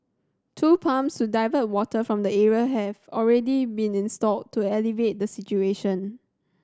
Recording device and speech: standing microphone (AKG C214), read sentence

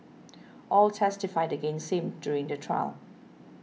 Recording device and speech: mobile phone (iPhone 6), read sentence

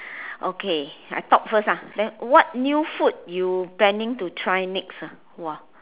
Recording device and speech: telephone, conversation in separate rooms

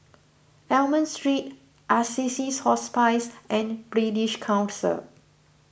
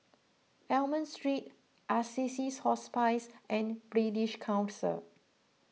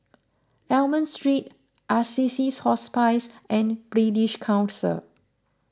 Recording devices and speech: boundary microphone (BM630), mobile phone (iPhone 6), close-talking microphone (WH20), read sentence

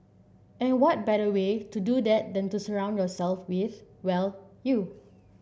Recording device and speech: boundary microphone (BM630), read sentence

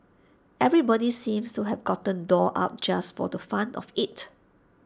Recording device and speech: standing microphone (AKG C214), read sentence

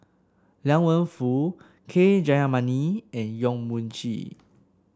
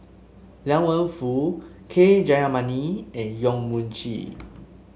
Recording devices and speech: standing microphone (AKG C214), mobile phone (Samsung S8), read sentence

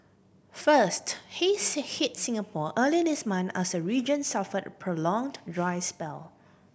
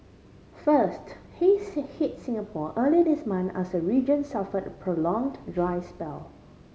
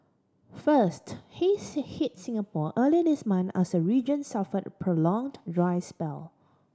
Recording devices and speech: boundary microphone (BM630), mobile phone (Samsung C5010), standing microphone (AKG C214), read sentence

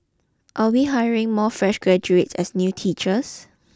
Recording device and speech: close-talking microphone (WH20), read sentence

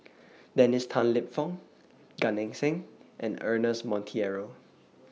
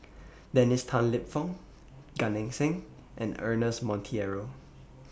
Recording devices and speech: mobile phone (iPhone 6), boundary microphone (BM630), read sentence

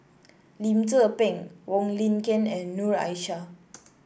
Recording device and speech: boundary microphone (BM630), read sentence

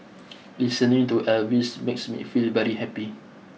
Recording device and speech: mobile phone (iPhone 6), read sentence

